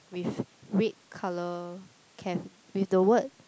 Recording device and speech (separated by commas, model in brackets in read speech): close-talking microphone, conversation in the same room